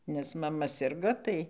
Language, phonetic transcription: Lithuanian, ˈnes maˈma ˈsirgo ˈtai

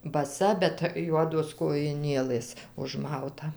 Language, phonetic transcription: Lithuanian, baˈsa bet ˈjuodos kojiˈnėlɘs užˈmauta

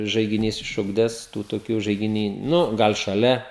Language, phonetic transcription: Lithuanian, žaigiˈnys išˈugdęs ˈtų toˈkių žaigiˈny ˈnu ˈgal šaˈlia

